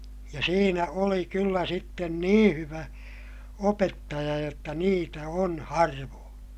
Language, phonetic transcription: Finnish, ja siinä oli kyllä sitten niḭ hyvä , opettaja jotta niitä on harvoon .
- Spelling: ja siinä oli kyllä sitten niin hyvä opettaja jotta niitä on harvoin

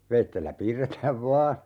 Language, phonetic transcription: Finnish, 'veittellä 'piirretääv "vaa ,.
- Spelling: veitsellä piirretään vain

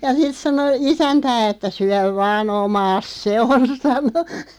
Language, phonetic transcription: Finnish, ja 'sit 'sano "isäntää että » 'syäv "vaa'n ‿omaas "se on « 'sano .
- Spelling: ja sitten sanoi isäntää että syö vain omaasi se on sanoi

